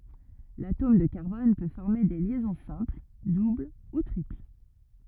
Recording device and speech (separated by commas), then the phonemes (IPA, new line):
rigid in-ear microphone, read sentence
latom də kaʁbɔn pø fɔʁme de ljɛzɔ̃ sɛ̃pl dubl u tʁipl